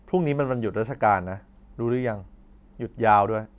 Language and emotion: Thai, neutral